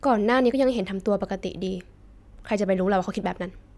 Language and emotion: Thai, frustrated